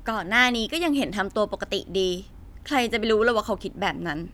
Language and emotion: Thai, frustrated